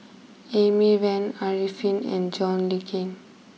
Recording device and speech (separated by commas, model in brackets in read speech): mobile phone (iPhone 6), read sentence